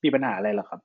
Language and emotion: Thai, frustrated